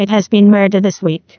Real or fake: fake